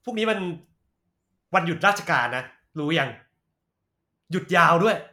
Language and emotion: Thai, angry